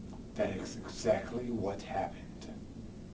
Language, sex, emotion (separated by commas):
English, male, neutral